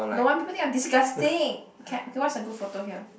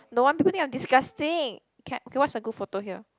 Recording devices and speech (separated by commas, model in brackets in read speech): boundary microphone, close-talking microphone, conversation in the same room